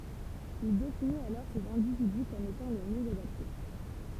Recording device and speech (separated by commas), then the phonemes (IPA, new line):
temple vibration pickup, read sentence
il definit alɔʁ sez ɛ̃dividy kɔm etɑ̃ le mjø adapte